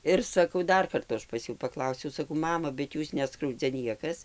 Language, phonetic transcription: Lithuanian, ˈir saˈkau ˈdar ˈkartu ˈaš pas ˈjų paˈklausiau saˈkau ˈmama bet ˈjūs ˈneskraudzia ˈniekas

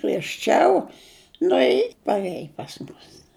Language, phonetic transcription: Lithuanian, griežˈčiau ˈnu i parˈėj pas ˈmus

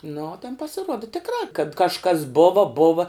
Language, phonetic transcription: Lithuanian, nu o ten pasiˈruoda tikˈrā kad kažˈkas ˈbova ˈbova

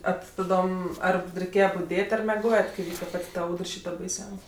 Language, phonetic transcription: Lithuanian, a ti taˈdom ˈar reiˈkėje buˈdėt' ar meˈgojet kai ˈvyka ˈpat' ta ˈaudr ˈšyta baiˈsiaus'

